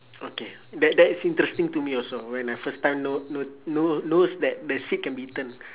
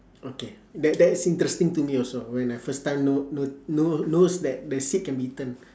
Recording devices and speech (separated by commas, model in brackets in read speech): telephone, standing microphone, conversation in separate rooms